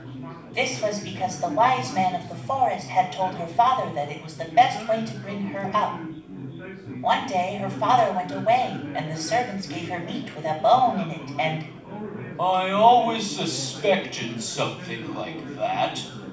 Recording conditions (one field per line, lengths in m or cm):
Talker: one person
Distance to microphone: 5.8 m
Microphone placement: far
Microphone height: 1.8 m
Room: medium-sized (5.7 m by 4.0 m)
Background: babble